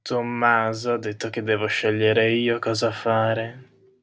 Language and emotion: Italian, disgusted